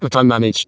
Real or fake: fake